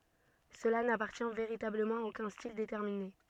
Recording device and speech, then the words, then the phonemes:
soft in-ear microphone, read sentence
Cela n'appartient véritablement à aucun style déterminé.
səla napaʁtjɛ̃ veʁitabləmɑ̃ a okœ̃ stil detɛʁmine

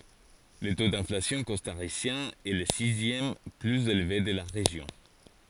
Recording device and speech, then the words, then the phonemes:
forehead accelerometer, read sentence
Le taux d'inflation costaricien est le sixième plus élevé de la région.
lə to dɛ̃flasjɔ̃ kɔstaʁisjɛ̃ ɛ lə sizjɛm plyz elve də la ʁeʒjɔ̃

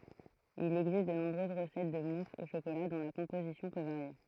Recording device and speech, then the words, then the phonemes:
throat microphone, read sentence
Il existe de nombreuses recettes de mousse au chocolat dont la composition peut varier.
il ɛɡzist də nɔ̃bʁøz ʁəsɛt də mus o ʃokola dɔ̃ la kɔ̃pozisjɔ̃ pø vaʁje

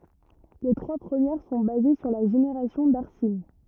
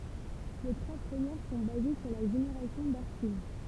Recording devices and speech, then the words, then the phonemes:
rigid in-ear microphone, temple vibration pickup, read sentence
Les trois premières sont basées sur la génération d’arsine.
le tʁwa pʁəmjɛʁ sɔ̃ baze syʁ la ʒeneʁasjɔ̃ daʁsin

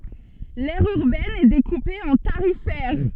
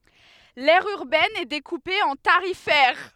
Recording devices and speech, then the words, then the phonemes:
soft in-ear microphone, headset microphone, read sentence
L'aire urbaine est découpée en tarifaires.
lɛʁ yʁbɛn ɛ dekupe ɑ̃ taʁifɛʁ

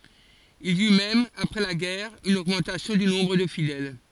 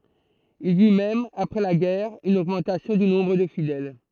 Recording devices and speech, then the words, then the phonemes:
forehead accelerometer, throat microphone, read sentence
Il y eut même, après la guerre, une augmentation du nombre de fidèles.
il i y mɛm apʁɛ la ɡɛʁ yn oɡmɑ̃tasjɔ̃ dy nɔ̃bʁ də fidɛl

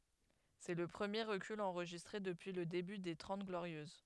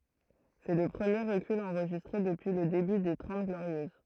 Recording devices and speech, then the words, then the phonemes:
headset microphone, throat microphone, read sentence
C'est le premier recul enregistré depuis le début des Trente Glorieuses.
sɛ lə pʁəmje ʁəkyl ɑ̃ʁʒistʁe dəpyi lə deby de tʁɑ̃t ɡloʁjøz

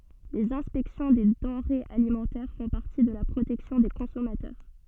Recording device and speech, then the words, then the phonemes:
soft in-ear microphone, read sentence
Les inspections des denrées alimentaires font partie de la protection des consommateurs.
lez ɛ̃spɛksjɔ̃ de dɑ̃ʁez alimɑ̃tɛʁ fɔ̃ paʁti də la pʁotɛksjɔ̃ de kɔ̃sɔmatœʁ

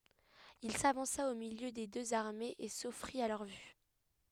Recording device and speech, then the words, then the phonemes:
headset microphone, read sentence
Il s'avança au milieu des deux armées et s'offrit à leur vue.
il savɑ̃sa o miljø de døz aʁmez e sɔfʁit a lœʁ vy

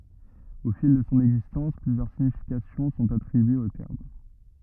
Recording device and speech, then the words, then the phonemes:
rigid in-ear microphone, read sentence
Au fil de son existence, plusieurs significations sont attribuées au terme.
o fil də sɔ̃ ɛɡzistɑ̃s plyzjœʁ siɲifikasjɔ̃ sɔ̃t atʁibyez o tɛʁm

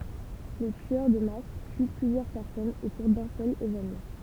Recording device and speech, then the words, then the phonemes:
temple vibration pickup, read sentence
Le tueur de masse tue plusieurs personnes au cours d'un seul événement.
lə tyœʁ də mas ty plyzjœʁ pɛʁsɔnz o kuʁ dœ̃ sœl evenmɑ̃

